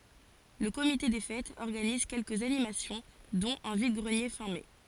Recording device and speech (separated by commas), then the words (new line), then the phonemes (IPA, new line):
forehead accelerometer, read sentence
Le comité des fêtes organise quelques animations dont un vide-greniers fin mai.
lə komite de fɛtz ɔʁɡaniz kɛlkəz animasjɔ̃ dɔ̃t œ̃ vid ɡʁənje fɛ̃ mɛ